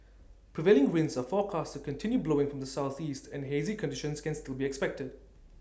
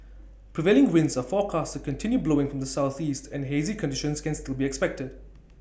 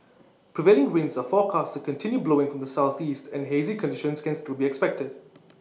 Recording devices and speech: standing microphone (AKG C214), boundary microphone (BM630), mobile phone (iPhone 6), read sentence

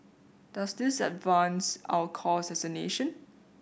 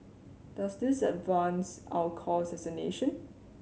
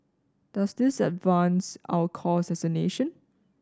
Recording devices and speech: boundary microphone (BM630), mobile phone (Samsung C7100), standing microphone (AKG C214), read sentence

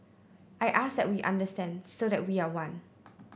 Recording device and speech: boundary microphone (BM630), read sentence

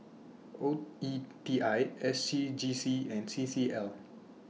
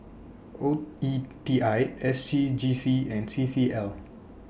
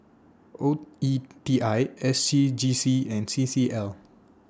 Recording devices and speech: mobile phone (iPhone 6), boundary microphone (BM630), standing microphone (AKG C214), read sentence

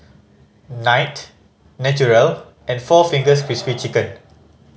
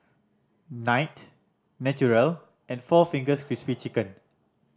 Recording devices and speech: mobile phone (Samsung C5010), standing microphone (AKG C214), read sentence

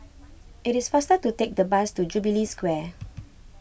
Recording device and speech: boundary microphone (BM630), read sentence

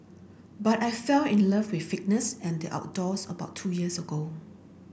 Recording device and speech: boundary microphone (BM630), read sentence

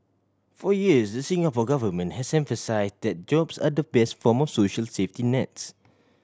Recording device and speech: standing microphone (AKG C214), read sentence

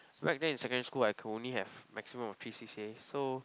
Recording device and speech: close-talking microphone, conversation in the same room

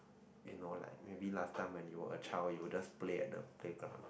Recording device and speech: boundary microphone, conversation in the same room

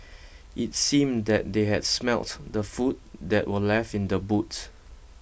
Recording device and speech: boundary microphone (BM630), read sentence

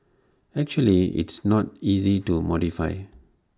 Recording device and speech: standing microphone (AKG C214), read sentence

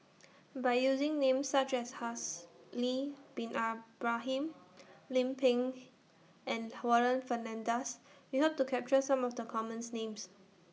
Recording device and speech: mobile phone (iPhone 6), read sentence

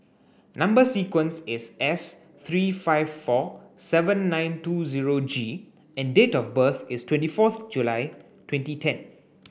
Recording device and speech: boundary microphone (BM630), read sentence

